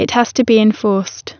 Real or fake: real